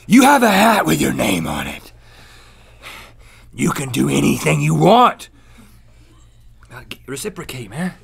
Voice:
calm voice